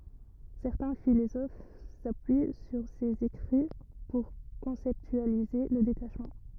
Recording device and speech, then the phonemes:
rigid in-ear microphone, read sentence
sɛʁtɛ̃ filozof sapyi syʁ sez ekʁi puʁ kɔ̃sɛptyalize lə detaʃmɑ̃

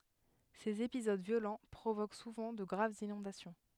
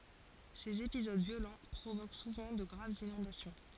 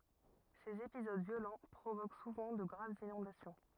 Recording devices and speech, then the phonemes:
headset microphone, forehead accelerometer, rigid in-ear microphone, read sentence
sez epizod vjolɑ̃ pʁovok suvɑ̃ də ɡʁavz inɔ̃dasjɔ̃

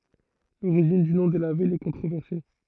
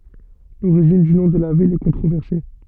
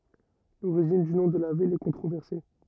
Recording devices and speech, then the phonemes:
throat microphone, soft in-ear microphone, rigid in-ear microphone, read sentence
loʁiʒin dy nɔ̃ də la vil ɛ kɔ̃tʁovɛʁse

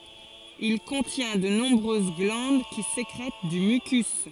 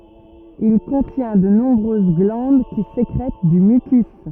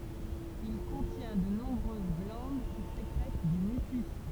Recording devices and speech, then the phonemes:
forehead accelerometer, rigid in-ear microphone, temple vibration pickup, read sentence
il kɔ̃tjɛ̃ də nɔ̃bʁøz ɡlɑ̃d ki sekʁɛt dy mykys

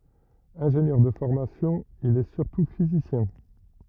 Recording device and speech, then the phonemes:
rigid in-ear microphone, read sentence
ɛ̃ʒenjœʁ də fɔʁmasjɔ̃ il ɛ syʁtu fizisjɛ̃

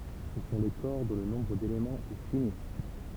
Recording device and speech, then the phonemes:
temple vibration pickup, read sentence
sə sɔ̃ le kɔʁ dɔ̃ lə nɔ̃bʁ delemɑ̃z ɛ fini

